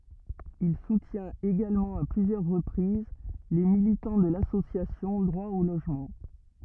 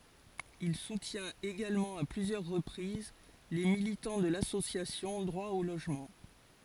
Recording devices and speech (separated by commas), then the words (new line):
rigid in-ear microphone, forehead accelerometer, read sentence
Il soutient également à plusieurs reprises les militants de l'association Droit au logement.